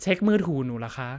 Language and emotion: Thai, neutral